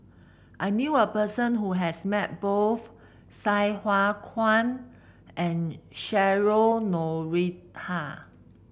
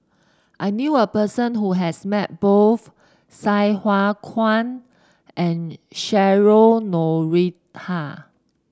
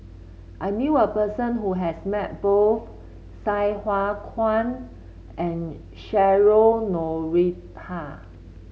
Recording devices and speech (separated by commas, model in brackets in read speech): boundary microphone (BM630), standing microphone (AKG C214), mobile phone (Samsung C7), read sentence